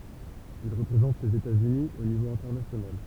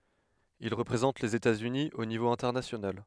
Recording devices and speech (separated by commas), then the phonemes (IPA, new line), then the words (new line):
temple vibration pickup, headset microphone, read sentence
il ʁəpʁezɑ̃t lez etatsyni o nivo ɛ̃tɛʁnasjonal
Il représente les États-Unis au niveau international.